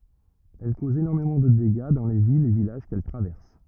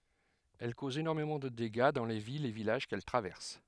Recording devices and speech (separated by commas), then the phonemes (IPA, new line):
rigid in-ear microphone, headset microphone, read sentence
ɛl kozt enɔʁmemɑ̃ də deɡa dɑ̃ le vilz e vilaʒ kɛl tʁavɛʁs